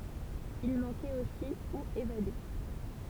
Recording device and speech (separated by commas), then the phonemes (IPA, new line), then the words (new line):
temple vibration pickup, read sentence
il mɑ̃kɛt osi u evade
Il manquait aussi ou évadés.